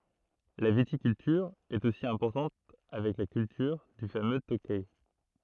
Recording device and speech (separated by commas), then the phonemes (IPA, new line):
throat microphone, read sentence
la vitikyltyʁ ɛt osi ɛ̃pɔʁtɑ̃t avɛk la kyltyʁ dy famø tokɛ